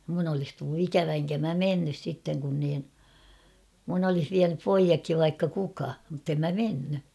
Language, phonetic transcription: Finnish, mun ‿olis tullu "ikävä eŋkä mä "mennys sitteŋ kun niin , mun ‿olih viänyp "poijakkiv vaikka 'kuka , muttem mä 'menny .
- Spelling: minun olisi tullut ikävä enkä minä mennyt sitten kun niin minun olisi vienyt pojatkin vaikka kuka mutta en minä mennyt

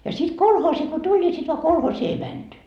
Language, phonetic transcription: Finnish, ja sit "kolhoosi ko 'tuĺ ni sit va 'kolhoosii ei "mänty .
- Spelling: ja sitten kolhoosi kun tuli niin sitten vaan kolhoosiin ei menty

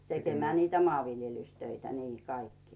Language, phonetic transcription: Finnish, 'tekemää niitä "moàviljelystöitä nii kaikkii .
- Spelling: tekemään niitä maanviljelystöitä niin kaikkia

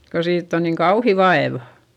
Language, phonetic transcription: Finnish, ko siitt ‿on niiŋ kauhi vaevA .
- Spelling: kun siitä on niin kauhea vaiva

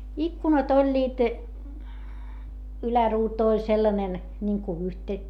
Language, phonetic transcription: Finnish, ikkunat ‿oĺĺiit , yläruutu oĺ sellanen , niŋku yhte - ,.
- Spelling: ikkunat olivat yläruutu oli sellainen niin kuin -

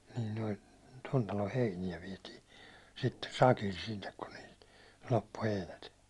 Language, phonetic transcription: Finnish, nin noi , ton talo 'heinijä viɛti , sitte "sakil sinnek kun niilt , 'loppu heinät .
- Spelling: niin noin tuon talon heiniä vietiin sitten sakilla sinne kun niiltä loppui heinät

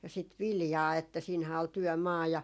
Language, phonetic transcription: Finnish, ja sit "viljaa että siinhää ol 'tyɔ̈̀"maa ja .
- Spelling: ja sitä viljaa että siinähän oli työmaa ja

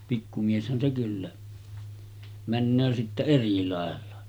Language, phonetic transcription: Finnish, pikku mieshän se kyllä , 'männöö sitte 'eri làella .
- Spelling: pikku mieshän se kyllä menee sitten eri lailla

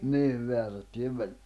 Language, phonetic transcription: Finnish, 'niim 'meärättyjev 'väĺ- ,.
- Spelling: niin määrättyjen -

